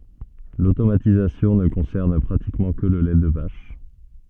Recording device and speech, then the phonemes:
soft in-ear microphone, read sentence
lotomatizasjɔ̃ nə kɔ̃sɛʁn pʁatikmɑ̃ kə lə lɛ də vaʃ

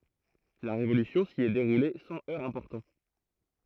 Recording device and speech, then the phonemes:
throat microphone, read sentence
la ʁevolysjɔ̃ si ɛ deʁule sɑ̃ œʁz ɛ̃pɔʁtɑ̃

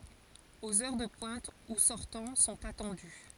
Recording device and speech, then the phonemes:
forehead accelerometer, read sentence
oz œʁ də pwɛ̃t u sɔʁtɑ̃ sɔ̃t atɑ̃dy

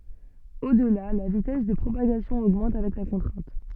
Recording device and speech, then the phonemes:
soft in-ear microphone, read sentence
odla la vitɛs də pʁopaɡasjɔ̃ oɡmɑ̃t avɛk la kɔ̃tʁɛ̃t

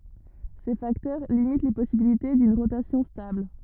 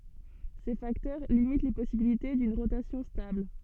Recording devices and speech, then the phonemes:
rigid in-ear microphone, soft in-ear microphone, read sentence
se faktœʁ limit le pɔsibilite dyn ʁotasjɔ̃ stabl

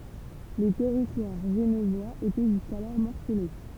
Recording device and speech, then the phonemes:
temple vibration pickup, read sentence
lə tɛʁitwaʁ ʒənvwaz etɛ ʒyskalɔʁ mɔʁsəle

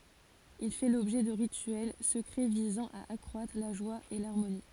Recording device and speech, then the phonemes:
forehead accelerometer, read sentence
il fɛ lɔbʒɛ də ʁityɛl səkʁɛ vizɑ̃ a akʁwatʁ la ʒwa e laʁmoni

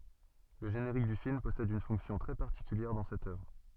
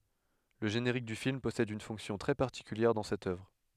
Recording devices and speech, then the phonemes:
soft in-ear microphone, headset microphone, read sentence
lə ʒeneʁik dy film pɔsɛd yn fɔ̃ksjɔ̃ tʁɛ paʁtikyljɛʁ dɑ̃ sɛt œvʁ

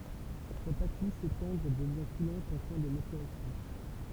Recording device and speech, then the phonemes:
temple vibration pickup, read sentence
sa pat lis e tɑ̃dʁ dəvjɛ̃ kulɑ̃t ɑ̃ fɛ̃ də matyʁasjɔ̃

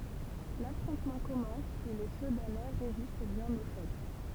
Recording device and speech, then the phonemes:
temple vibration pickup, read sentence
lafʁɔ̃tmɑ̃ kɔmɑ̃s e le sədanɛ ʁezist bjɛ̃n o ʃɔk

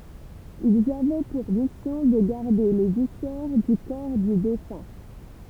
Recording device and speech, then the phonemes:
temple vibration pickup, read sentence
ilz avɛ puʁ misjɔ̃ də ɡaʁde le visɛʁ dy kɔʁ dy defœ̃

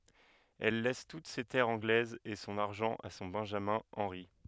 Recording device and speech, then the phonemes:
headset microphone, read sentence
ɛl lɛs tut se tɛʁz ɑ̃ɡlɛzz e sɔ̃n aʁʒɑ̃ a sɔ̃ bɛ̃ʒamɛ̃ ɑ̃ʁi

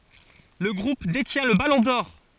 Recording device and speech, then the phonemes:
forehead accelerometer, read sentence
lə ɡʁup detjɛ̃ lə balɔ̃ dɔʁ

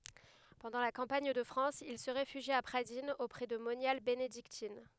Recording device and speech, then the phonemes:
headset microphone, read sentence
pɑ̃dɑ̃ la kɑ̃paɲ də fʁɑ̃s il sə ʁefyʒi a pʁadinz opʁɛ də monjal benediktin

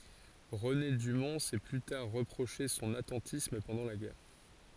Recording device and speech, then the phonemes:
forehead accelerometer, read sentence
ʁəne dymɔ̃ sɛ ply taʁ ʁəpʁoʃe sɔ̃n atɑ̃tism pɑ̃dɑ̃ la ɡɛʁ

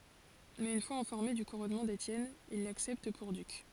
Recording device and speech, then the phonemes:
forehead accelerometer, read sentence
mɛz yn fwaz ɛ̃fɔʁme dy kuʁɔnmɑ̃ detjɛn il laksɛpt puʁ dyk

